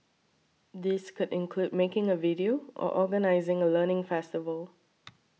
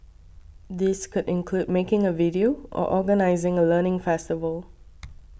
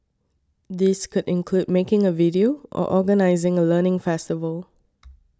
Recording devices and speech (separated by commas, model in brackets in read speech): mobile phone (iPhone 6), boundary microphone (BM630), standing microphone (AKG C214), read sentence